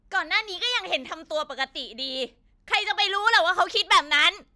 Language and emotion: Thai, angry